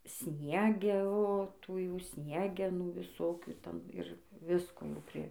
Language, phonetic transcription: Lithuanian, ˈsniege o ˈtų jau ˈtų ˈsniegenų viˈsokių ˈten ir ˈvisko jau ˈpri

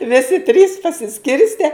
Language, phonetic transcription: Lithuanian, ˈvisi trys pasiˈskirste

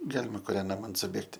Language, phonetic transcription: Lithuanian, ˈgalima kuˈrian ˈnaman suˈbėgti

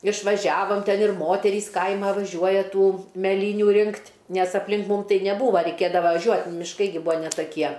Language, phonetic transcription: Lithuanian, išvaˈžiavom ˈten ir ˈmoterys ˈkaima vaˈžiuoja ˈtų meˈlynių ˈrinkt' nes aplˈin ˈmūm ˈtai neˈbūva reiˈkėdava vaˈžiuot' mišˈkai gi ˈbūa ne taˈkie

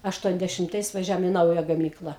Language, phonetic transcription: Lithuanian, ašˌtuondešimˈtais vaˈžiavom i ˈnauja gaˈmykla

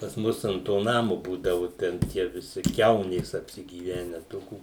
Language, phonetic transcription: Lithuanian, pas ˈmus ant ˈto ˈnamu ˈbūdavu ˈten tie viˈsi ˈkiaunės apsigyˈvene ˈtokių

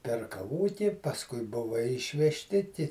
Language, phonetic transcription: Lithuanian, perkaˈvoti pasˈkui ˈbuva išvežˈti ti

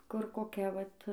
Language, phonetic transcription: Lithuanian, kur koˈkia ˈvat

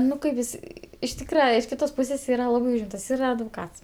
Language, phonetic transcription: Lithuanian, ˈnu kai ˈvisi iš ˈtykra iš ˈkitos ˈpūsės ˈyra ˈlabai ˈūžimtas ˈyra advoˈkats

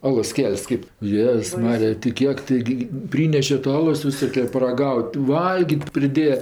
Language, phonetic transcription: Lithuanian, ˈalos ˈkel's' kip ˈjėz ˈmarija ti ˈkiek taiˈgi ˈpryneše ta ˈalos viˈsoke paraˈgaut' ˈvalgyt' priˈdėja

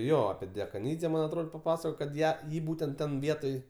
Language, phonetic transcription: Lithuanian, ˈjo api dekaˈnydze ˈman' atˈrod paˈpasakojo kad ˈją ˈjį ˈbūtent ˈten ˈvietoj

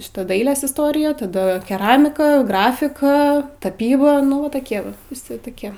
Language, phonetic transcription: Lithuanian, ˈšita ˈdailės isˈtorija taˈda keˈramika ˈgrafika ˈtapyba nu ˈva toˈkie ˈva viˈsi toˈkie

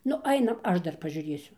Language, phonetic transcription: Lithuanian, ˈnu ˈainam ˈaš ˈdar pažiūˈrėsiu

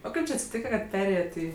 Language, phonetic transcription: Lithuanian, o ˈkaip či atsiˈtyka kad ˈperėjet' ˈį

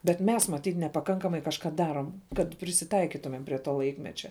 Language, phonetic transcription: Lithuanian, bet ˈmes maˈtyt nepaˈkankamai kažˈka ˈdarom kad prisiˈtaikitumem prie ˈto ˈlaikmečia

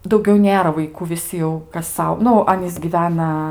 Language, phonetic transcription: Lithuanian, dauˈgiau ˈnėra vaiˈkų viˈsi jau kas ˈsau ˈnu ˈanys gyˈvena

